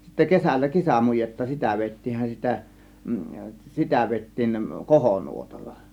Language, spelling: Finnish, sitten kesällä kesämujetta sitä vedettiinhän sitä sitä vedettiin kohonuotalla
- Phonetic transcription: sittä 'kesällä 'kesämujetta "sitä 'vèit̀tiinhän sitä , "sitä 'vèittiin , "kohonuotalla .

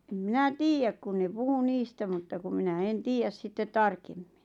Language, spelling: Finnish, en minä tiedä kun ne puhui niistä mutta kun minä en tiedä sitten tarkemmin
- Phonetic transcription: em 'minä "tiijäk kun ne 'puhu 'niistä mutta kum 'minä 'en 'tiijäs sittet "tarkemmɪɴ .

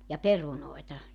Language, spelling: Finnish, ja perunoita
- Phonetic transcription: ja "perunoeta .

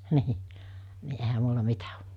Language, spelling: Finnish, niin niin eihän minulla mitä ole
- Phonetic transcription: 'nii , ni ehä 'mulla 'mitä o .

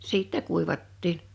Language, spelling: Finnish, sitten kuivattiin
- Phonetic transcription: 'sìttɛ 'kuivattin .

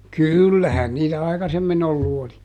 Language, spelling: Finnish, kyllähän niitä aikaisemmin ollut oli
- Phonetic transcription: "kỳllähän niitä "aikasemmiˈn ‿ollu oli .

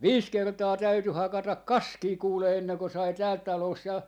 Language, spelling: Finnish, viisi kertaa täytyi hakata kaskea kuule ennen kuin sai täältä talossa ja
- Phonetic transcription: "viis 'kertaa 'täyty 'hakatak "kaskii 'kuule 'enneŋko sai 'täält 'talòs ja , .

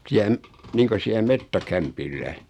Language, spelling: Finnish, siellä - niin kuin siellä metsäkämpillä
- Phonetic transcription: 'siä m- , 'niiŋko siä(l) 'mettä'kämpillä .

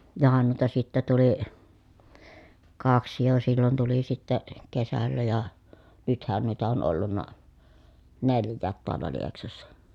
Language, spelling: Finnish, johan noita sitten tuli kaksi jo silloin tuli sitten kesällä ja nythän noita on ollut neljäkin taalla Lieksassa
- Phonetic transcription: johan nuita sittä tuli , kaksi jo sillon tuli sitte , kesällä ja , nythän nuita on ollunna , nelj̆jäät toalla Lieksassa .

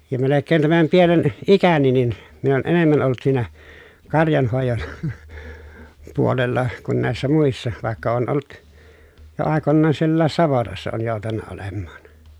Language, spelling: Finnish, ja melkein tämän pienen ikäni niin minä olen enemmän ollut siinä karjanhoidon puolella kuin näissä muissa vaikka olen ollut jo aikoinaan sielläkin savotassa olen joutunut olemaan
- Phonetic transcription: ja melekkeen tämäm pienen , ikäni nin , min ‿on enemmän olˡᵘt siinä , karjanhòejon , puolella , kun nä̀essä muissa , vàekka oon olt , jo àekonnaan siellääs savotassa oon jòu̬tanna olemmaan .

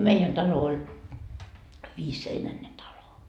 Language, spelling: Finnish, meidän talo oli viisiseinäinen talo
- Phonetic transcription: 'meijän 'talo oĺ , 'viisseinäne talo .

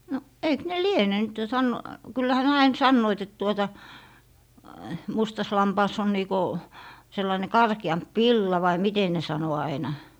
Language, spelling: Finnish, no eikö ne liene nyt jo - kyllähän ne aina sanoivat että tuota mustassa lampaassa on niin kuin sellainen karkeampi villa vai miten ne sanoi aina
- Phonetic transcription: no , 'eik ne "liene nyt jo san- , 'kyllähä ne 'ain "sannoit et tuota , 'mustas "lampaas ‿on nii ko , 'sellaⁱne "karki₍amp "villa vai "mite ne sano aina .

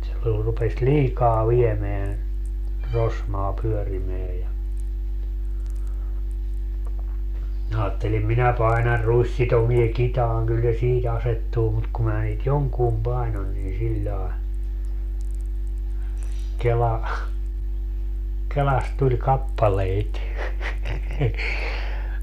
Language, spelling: Finnish, se oli rupesi liikaa viemään rosmaa pyörimään ja minä ajattelin minä painan ruissitoimen kitaan kyllä se siitä asettuu mutta kun minä niitä jonkun painoin niin sillä lailla kela kelasta tuli kappaleita
- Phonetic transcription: se ol rupes "liikaa 'viemeän , "rosmaa 'pyörimeä ja , minä 'aattelim » "minä 'painar "ruissitomie 'kitaaŋ kyl se 'siit ‿asettuu » mut ku mää niit "joŋkuum 'painon niin siĺĺai̮ , 'kela , 'kelast tuĺ "kappaleit .

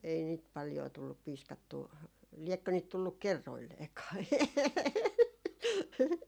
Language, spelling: Finnish, ei niitä paljoa tullut piiskattua liekö niitä tullut kerroilleenkaan
- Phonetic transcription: ei niit paljoo tullup 'piiskattuu , 'liɛkkö niit 'tulluk̆ "kerroilleekaa .

